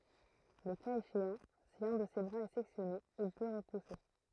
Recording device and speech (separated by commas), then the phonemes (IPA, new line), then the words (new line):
throat microphone, read sentence
lə kaz eʃeɑ̃ si œ̃ də se bʁaz ɛ sɛksjɔne il pø ʁəpuse
Le cas échéant, si un de ses bras est sectionné, il peut repousser.